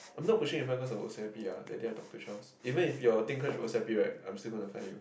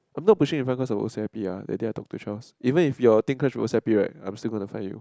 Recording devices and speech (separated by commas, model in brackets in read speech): boundary microphone, close-talking microphone, conversation in the same room